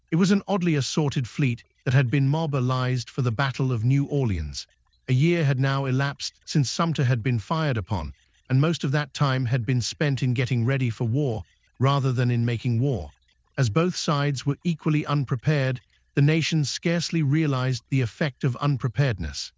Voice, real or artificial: artificial